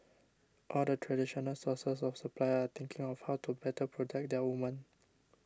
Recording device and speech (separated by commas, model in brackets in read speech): standing microphone (AKG C214), read sentence